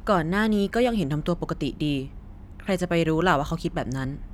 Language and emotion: Thai, neutral